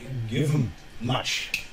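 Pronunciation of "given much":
In 'given much', the n at the end of 'given' undergoes regressive assimilation: the m of 'much' influences it.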